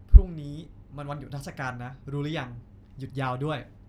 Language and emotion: Thai, neutral